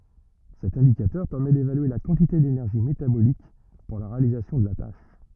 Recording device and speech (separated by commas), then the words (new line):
rigid in-ear microphone, read sentence
Cet indicateur permet d'évaluer la quantité d'énergie métabolique pour la réalisation de la tâche.